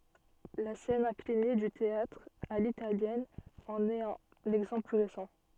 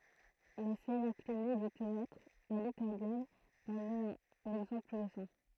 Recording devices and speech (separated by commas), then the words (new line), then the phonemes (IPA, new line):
soft in-ear microphone, throat microphone, read sentence
La scène inclinée du théâtre à l'italienne en est un exemple plus récent.
la sɛn ɛ̃kline dy teatʁ a litaljɛn ɑ̃n ɛt œ̃n ɛɡzɑ̃pl ply ʁesɑ̃